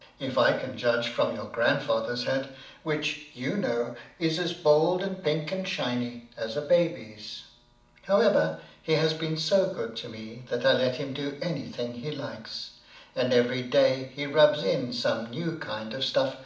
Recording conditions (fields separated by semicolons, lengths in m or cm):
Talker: one person; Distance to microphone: 2.0 m; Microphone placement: close; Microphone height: 99 cm; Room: medium-sized (5.7 m by 4.0 m); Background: none